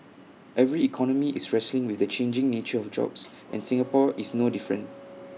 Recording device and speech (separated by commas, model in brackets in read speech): mobile phone (iPhone 6), read sentence